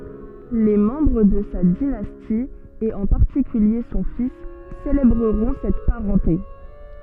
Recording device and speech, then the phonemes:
soft in-ear microphone, read sentence
le mɑ̃bʁ də sa dinasti e ɑ̃ paʁtikylje sɔ̃ fis selebʁəʁɔ̃ sɛt paʁɑ̃te

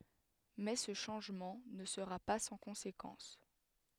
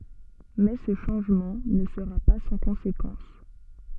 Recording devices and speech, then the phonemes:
headset microphone, soft in-ear microphone, read sentence
mɛ sə ʃɑ̃ʒmɑ̃ nə səʁa pa sɑ̃ kɔ̃sekɑ̃s

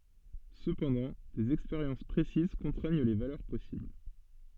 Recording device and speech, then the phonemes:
soft in-ear microphone, read sentence
səpɑ̃dɑ̃ dez ɛkspeʁjɑ̃s pʁesiz kɔ̃tʁɛɲ le valœʁ pɔsibl

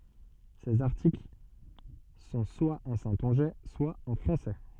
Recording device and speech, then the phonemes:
soft in-ear microphone, read sentence
sez aʁtikl sɔ̃ swa ɑ̃ sɛ̃tɔ̃ʒɛ swa ɑ̃ fʁɑ̃sɛ

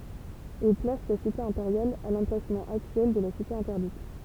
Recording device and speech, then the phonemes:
temple vibration pickup, read sentence
il plas sa site ɛ̃peʁjal a lɑ̃plasmɑ̃ aktyɛl də la site ɛ̃tɛʁdit

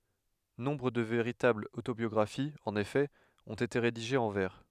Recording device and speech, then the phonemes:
headset microphone, read sentence
nɔ̃bʁ də veʁitablz otobjɔɡʁafiz ɑ̃n efɛ ɔ̃t ete ʁediʒez ɑ̃ vɛʁ

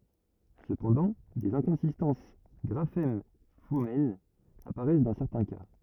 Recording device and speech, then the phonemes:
rigid in-ear microphone, read sentence
səpɑ̃dɑ̃ dez ɛ̃kɔ̃sistɑ̃s ɡʁafɛm fonɛm apaʁɛs dɑ̃ sɛʁtɛ̃ ka

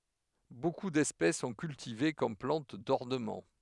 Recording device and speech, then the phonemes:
headset microphone, read sentence
boku dɛspɛs sɔ̃ kyltive kɔm plɑ̃t dɔʁnəmɑ̃

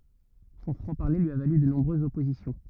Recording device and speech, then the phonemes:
rigid in-ear microphone, read sentence
sɔ̃ fʁɑ̃ paʁle lyi a valy də nɔ̃bʁøzz ɔpozisjɔ̃

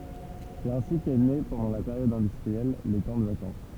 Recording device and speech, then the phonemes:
temple vibration pickup, read sentence
sɛt ɛ̃si kɛ ne pɑ̃dɑ̃ la peʁjɔd ɛ̃dystʁiɛl le kɑ̃ də vakɑ̃s

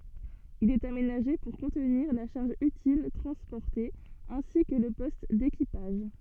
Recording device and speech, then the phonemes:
soft in-ear microphone, read sentence
il ɛt amenaʒe puʁ kɔ̃tniʁ la ʃaʁʒ ytil tʁɑ̃spɔʁte ɛ̃si kə lə pɔst dekipaʒ

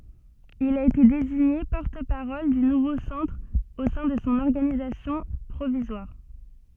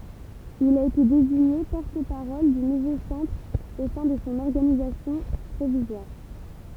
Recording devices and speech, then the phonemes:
soft in-ear microphone, temple vibration pickup, read sentence
il a ete deziɲe pɔʁt paʁɔl dy nuvo sɑ̃tʁ o sɛ̃ də sɔ̃ ɔʁɡanizasjɔ̃ pʁovizwaʁ

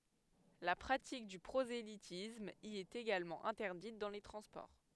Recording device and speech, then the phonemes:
headset microphone, read sentence
la pʁatik dy pʁozelitism i ɛt eɡalmɑ̃ ɛ̃tɛʁdit dɑ̃ le tʁɑ̃spɔʁ

